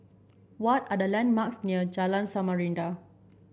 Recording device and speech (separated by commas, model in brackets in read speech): boundary microphone (BM630), read sentence